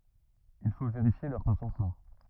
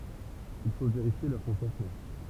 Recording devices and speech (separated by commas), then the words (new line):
rigid in-ear microphone, temple vibration pickup, read sentence
Il faut vérifier leurs consentements.